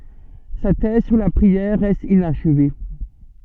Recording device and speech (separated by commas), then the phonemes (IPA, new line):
soft in-ear microphone, read sentence
sa tɛz syʁ la pʁiɛʁ ʁɛst inaʃve